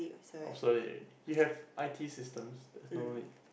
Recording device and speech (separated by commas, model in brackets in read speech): boundary microphone, conversation in the same room